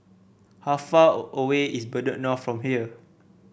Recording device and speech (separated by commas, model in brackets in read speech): boundary microphone (BM630), read sentence